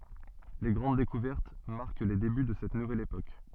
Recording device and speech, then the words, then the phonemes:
soft in-ear microphone, read sentence
Les grandes découvertes marquent les débuts de cette nouvelle époque.
le ɡʁɑ̃d dekuvɛʁt maʁk le deby də sɛt nuvɛl epok

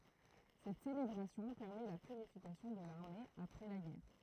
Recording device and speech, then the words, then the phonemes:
throat microphone, read sentence
Cette célébration permet la purification de l'armée après la guerre.
sɛt selebʁasjɔ̃ pɛʁmɛ la pyʁifikasjɔ̃ də laʁme apʁɛ la ɡɛʁ

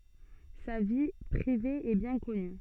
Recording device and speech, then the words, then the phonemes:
soft in-ear microphone, read sentence
Sa vie privée est bien connue.
sa vi pʁive ɛ bjɛ̃ kɔny

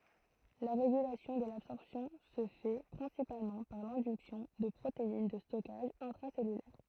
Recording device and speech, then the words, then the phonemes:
throat microphone, read sentence
La régulation de l'absorption se fait principalement par l'induction de protéines de stockage intracellulaires.
la ʁeɡylasjɔ̃ də labsɔʁpsjɔ̃ sə fɛ pʁɛ̃sipalmɑ̃ paʁ lɛ̃dyksjɔ̃ də pʁotein də stɔkaʒ ɛ̃tʁasɛlylɛʁ

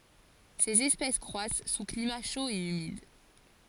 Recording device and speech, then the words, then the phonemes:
forehead accelerometer, read sentence
Ces espèces croissent sous climat chaud et humide.
sez ɛspɛs kʁwas su klima ʃo e ymid

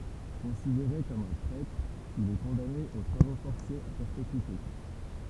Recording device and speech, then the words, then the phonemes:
temple vibration pickup, read sentence
Considéré comme un traître, il est condamné aux travaux forcés à perpétuité.
kɔ̃sideʁe kɔm œ̃ tʁɛtʁ il ɛ kɔ̃dane o tʁavo fɔʁsez a pɛʁpetyite

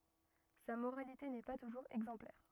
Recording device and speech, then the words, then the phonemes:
rigid in-ear microphone, read sentence
Sa moralité n'est pas toujours exemplaire.
sa moʁalite nɛ pa tuʒuʁz ɛɡzɑ̃plɛʁ

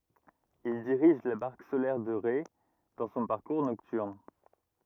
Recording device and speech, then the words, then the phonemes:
rigid in-ear microphone, read sentence
Il dirige la barque solaire de Ré dans son parcours nocturne.
il diʁiʒ la baʁk solɛʁ də ʁe dɑ̃ sɔ̃ paʁkuʁ nɔktyʁn

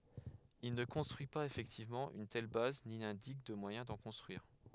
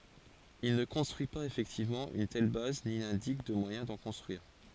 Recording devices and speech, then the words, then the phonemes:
headset microphone, forehead accelerometer, read sentence
Il ne construit pas effectivement une telle base ni n'indique de moyen d'en construire.
il nə kɔ̃stʁyi paz efɛktivmɑ̃ yn tɛl baz ni nɛ̃dik də mwajɛ̃ dɑ̃ kɔ̃stʁyiʁ

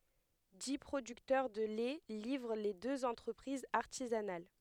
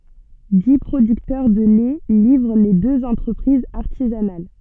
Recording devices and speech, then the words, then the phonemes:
headset microphone, soft in-ear microphone, read sentence
Dix producteurs de lait livrent les deux entreprises artisanales.
di pʁodyktœʁ də lɛ livʁ le døz ɑ̃tʁəpʁizz aʁtizanal

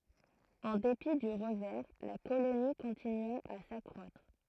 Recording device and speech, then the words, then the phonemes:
throat microphone, read sentence
En dépit du revers, la colonie continua à s'accroître.
ɑ̃ depi dy ʁəvɛʁ la koloni kɔ̃tinya a sakʁwatʁ

